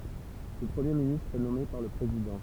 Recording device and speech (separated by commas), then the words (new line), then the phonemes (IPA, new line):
temple vibration pickup, read sentence
Le Premier ministre est nommé par le Président.
lə pʁəmje ministʁ ɛ nɔme paʁ lə pʁezidɑ̃